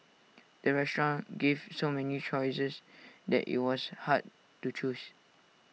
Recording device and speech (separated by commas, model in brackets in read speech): mobile phone (iPhone 6), read sentence